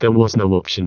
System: VC, vocoder